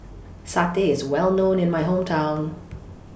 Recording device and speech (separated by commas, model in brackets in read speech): boundary microphone (BM630), read sentence